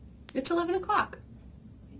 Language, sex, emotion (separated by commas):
English, female, happy